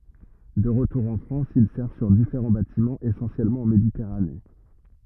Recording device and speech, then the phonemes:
rigid in-ear microphone, read sentence
də ʁətuʁ ɑ̃ fʁɑ̃s il sɛʁ syʁ difeʁɑ̃ batimɑ̃z esɑ̃sjɛlmɑ̃ ɑ̃ meditɛʁane

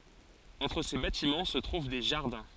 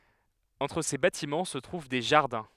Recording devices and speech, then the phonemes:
forehead accelerometer, headset microphone, read sentence
ɑ̃tʁ se batimɑ̃ sə tʁuv de ʒaʁdɛ̃

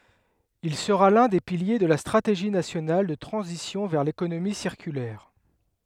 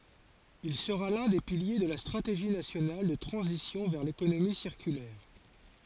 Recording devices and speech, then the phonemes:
headset microphone, forehead accelerometer, read sentence
il səʁa lœ̃ de pilje də la stʁateʒi nasjonal də tʁɑ̃zisjɔ̃ vɛʁ lekonomi siʁkylɛʁ

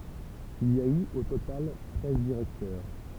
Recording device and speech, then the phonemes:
temple vibration pickup, read sentence
il i a y o total tʁɛz diʁɛktœʁ

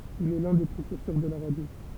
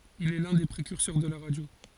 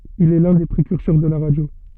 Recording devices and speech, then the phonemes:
temple vibration pickup, forehead accelerometer, soft in-ear microphone, read sentence
il ɛ lœ̃ de pʁekyʁsœʁ də la ʁadjo

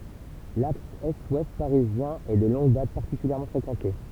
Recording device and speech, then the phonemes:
temple vibration pickup, read sentence
laks ɛstwɛst paʁizjɛ̃ ɛ də lɔ̃ɡ dat paʁtikyljɛʁmɑ̃ fʁekɑ̃te

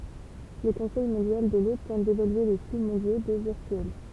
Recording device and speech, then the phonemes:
temple vibration pickup, read sentence
lə kɔ̃sɛj mɔ̃djal də lo tɑ̃t devalye le fly mɔ̃djo do viʁtyɛl

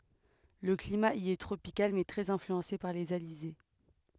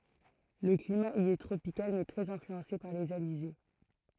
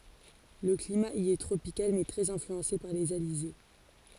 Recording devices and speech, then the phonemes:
headset microphone, throat microphone, forehead accelerometer, read sentence
lə klima i ɛ tʁopikal mɛ tʁɛz ɛ̃flyɑ̃se paʁ lez alize

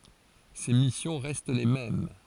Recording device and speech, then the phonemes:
forehead accelerometer, read sentence
se misjɔ̃ ʁɛst le mɛm

